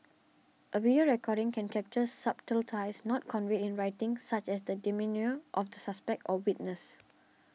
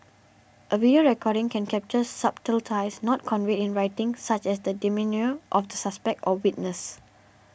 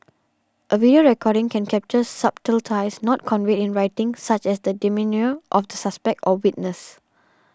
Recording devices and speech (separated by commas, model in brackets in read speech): mobile phone (iPhone 6), boundary microphone (BM630), standing microphone (AKG C214), read sentence